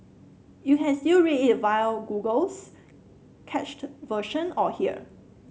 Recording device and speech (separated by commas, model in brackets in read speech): mobile phone (Samsung C7), read sentence